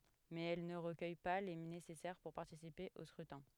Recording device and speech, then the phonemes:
headset microphone, read sentence
mɛz ɛl nə ʁəkœj pa le nesɛsɛʁ puʁ paʁtisipe o skʁytɛ̃

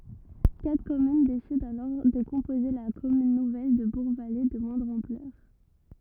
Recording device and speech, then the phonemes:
rigid in-ear microphone, read sentence
katʁ kɔmyn desidɑ̃ alɔʁ də kɔ̃poze la kɔmyn nuvɛl də buʁɡvale də mwɛ̃dʁ ɑ̃plœʁ

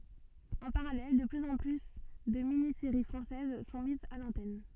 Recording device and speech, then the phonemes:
soft in-ear microphone, read sentence
ɑ̃ paʁalɛl də plyz ɑ̃ ply də mini seʁi fʁɑ̃sɛz sɔ̃ mizz a lɑ̃tɛn

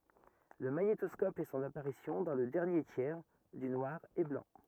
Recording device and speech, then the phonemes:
rigid in-ear microphone, read sentence
lə maɲetɔskɔp fɛ sɔ̃n apaʁisjɔ̃ dɑ̃ lə dɛʁnje tjɛʁ dy nwaʁ e blɑ̃

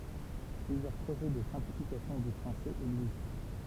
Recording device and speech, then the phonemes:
temple vibration pickup, read sentence
plyzjœʁ pʁoʒɛ də sɛ̃plifikasjɔ̃ dy fʁɑ̃sɛz ɛɡzist

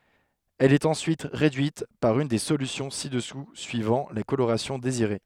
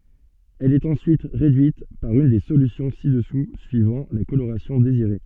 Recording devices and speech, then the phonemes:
headset microphone, soft in-ear microphone, read sentence
ɛl ɛt ɑ̃syit ʁedyit paʁ yn de solysjɔ̃ si dəsu syivɑ̃ la koloʁasjɔ̃ deziʁe

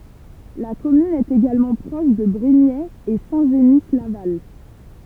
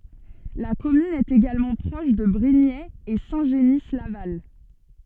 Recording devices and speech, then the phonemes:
temple vibration pickup, soft in-ear microphone, read sentence
la kɔmyn ɛt eɡalmɑ̃ pʁɔʃ də bʁiɲɛz e sɛ̃ ʒəni laval

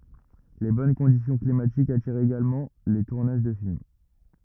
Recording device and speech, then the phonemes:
rigid in-ear microphone, read sentence
le bɔn kɔ̃disjɔ̃ klimatikz atiʁt eɡalmɑ̃ le tuʁnaʒ də film

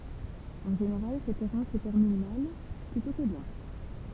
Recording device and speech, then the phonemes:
temple vibration pickup, read sentence
ɑ̃ ʒeneʁal sɛt ɛʁɑ̃s sə tɛʁmin mal plytɔ̃ kə bjɛ̃

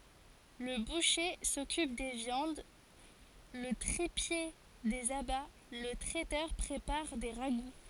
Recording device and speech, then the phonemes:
forehead accelerometer, read sentence
lə buʃe sɔkyp de vjɑ̃d lə tʁipje dez aba lə tʁɛtœʁ pʁepaʁ de ʁaɡu

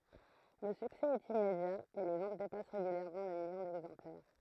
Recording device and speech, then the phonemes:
throat microphone, read sentence
lə syksɛ ɛt immedja e le vɑ̃t depas ʁeɡyljɛʁmɑ̃ lə miljɔ̃ dɛɡzɑ̃plɛʁ

